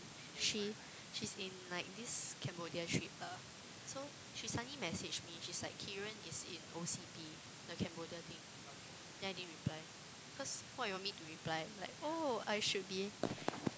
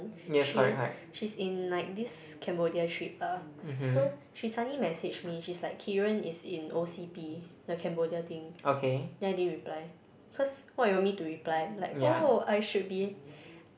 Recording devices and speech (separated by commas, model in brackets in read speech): close-talking microphone, boundary microphone, conversation in the same room